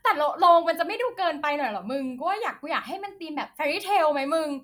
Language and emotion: Thai, happy